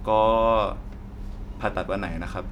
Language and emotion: Thai, frustrated